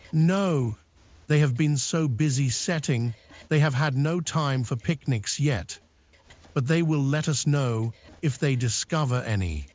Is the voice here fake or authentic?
fake